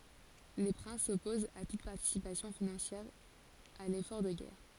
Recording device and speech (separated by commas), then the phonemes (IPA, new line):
forehead accelerometer, read sentence
le pʁɛ̃s sɔpozt a tut paʁtisipasjɔ̃ finɑ̃sjɛʁ a lefɔʁ də ɡɛʁ